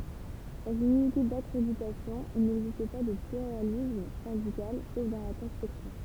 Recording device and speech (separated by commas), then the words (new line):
temple vibration pickup, read sentence
Dans une unité d'accréditation il n'existe pas de pluralisme syndical, sauf dans la construction.